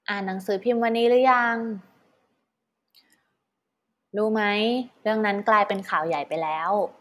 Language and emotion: Thai, neutral